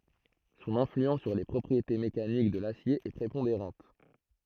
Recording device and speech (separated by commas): throat microphone, read sentence